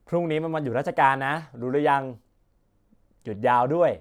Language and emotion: Thai, neutral